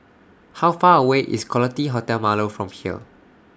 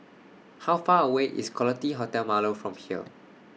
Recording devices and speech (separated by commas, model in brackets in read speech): standing microphone (AKG C214), mobile phone (iPhone 6), read sentence